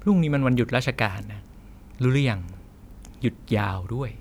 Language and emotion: Thai, frustrated